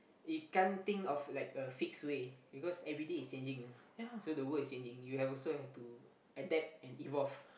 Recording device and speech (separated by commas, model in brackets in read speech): boundary microphone, conversation in the same room